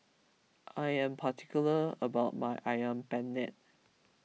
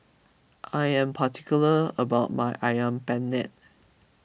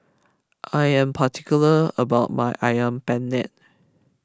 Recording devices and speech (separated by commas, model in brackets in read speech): mobile phone (iPhone 6), boundary microphone (BM630), close-talking microphone (WH20), read sentence